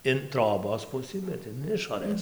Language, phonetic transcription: Lithuanian, in ˈtrobos ˈpusɨ bet in ˈišorɘs

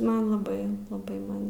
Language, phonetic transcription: Lithuanian, ˈman laˈbai laˈbai ˈman

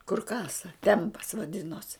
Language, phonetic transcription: Lithuanian, kur ˈkasa ˈtempas vaˈdinos

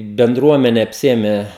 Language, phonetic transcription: Lithuanian, benˈdruomene apˈsiėme

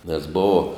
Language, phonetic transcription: Lithuanian, nes ˈbova

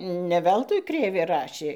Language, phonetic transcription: Lithuanian, ne ˈveltui ˈkrėvė ˈrašė

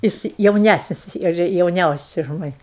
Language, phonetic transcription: Lithuanian, ˈjis jauˈnæsnis ir jauˈniausias už ˈmani

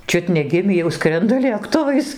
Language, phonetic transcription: Lithuanian, ˈčiut neˈgimį jau ˈskrenda lėkˈtuvais

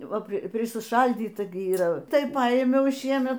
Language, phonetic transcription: Lithuanian, ˈva prisiˈšaldyta gi yˈra ˈtai ˈpaimiau ˈšiemet

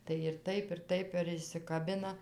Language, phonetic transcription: Lithuanian, tai ir ˈtaip ir ˈtaip ir išsikaˈbina

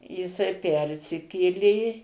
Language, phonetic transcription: Lithuanian, jiˈsai ˈpersikėlė

